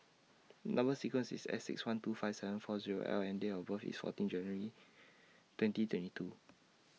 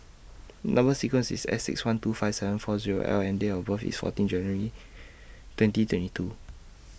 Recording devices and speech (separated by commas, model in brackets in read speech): mobile phone (iPhone 6), boundary microphone (BM630), read sentence